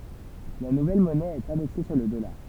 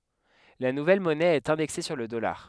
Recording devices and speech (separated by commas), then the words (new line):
temple vibration pickup, headset microphone, read sentence
La nouvelle monnaie est indexée sur le dollar.